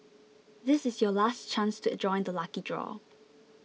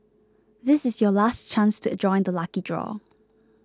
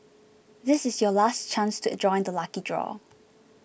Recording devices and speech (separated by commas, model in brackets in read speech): mobile phone (iPhone 6), close-talking microphone (WH20), boundary microphone (BM630), read sentence